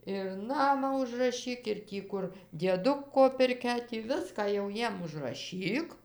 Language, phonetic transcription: Lithuanian, ir ˈnamą užraˈšyk ir ˈtį kur dieˈduko pirˈkia tį ˈviską jau ˈjiem užraˈšyk

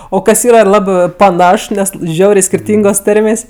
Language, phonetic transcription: Lithuanian, o ˈkas ˈyra ˈlabɜ paˈnaš ˈnes ˈžiaurė skirˈtyngos ˈtarmės'

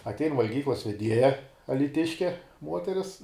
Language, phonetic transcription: Lithuanian, atˈein valˈgyklas veˈdieja alyˈtiške ˈmuoteris

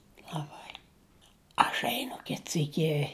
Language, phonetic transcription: Lithuanian, laˈbai aš ˈeinu ˈkit ˈsyki

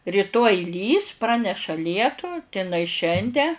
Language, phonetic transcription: Lithuanian, ryˈtoj ˈlys ˈpraneša ˈlietu ti inai ˈšiande

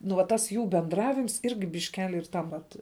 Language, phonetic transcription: Lithuanian, nu va ˈtas ˈjų bendˈravims ˈirgi bišˈkeli ir ˈtam vat

